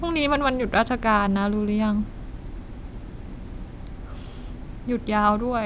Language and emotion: Thai, neutral